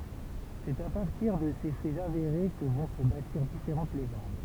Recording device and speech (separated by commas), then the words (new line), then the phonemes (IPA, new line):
temple vibration pickup, read sentence
C'est à partir de ces faits avérés que vont se bâtir différentes légendes.
sɛt a paʁtiʁ də se fɛz aveʁe kə vɔ̃ sə batiʁ difeʁɑ̃t leʒɑ̃d